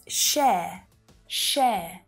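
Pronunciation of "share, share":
'Share' starts with a sh sound followed by the air vowel, as in 'hair', not an ah sound. In this Australian accent, there's no er sound at the end; the word finishes on the vowel.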